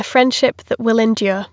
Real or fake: real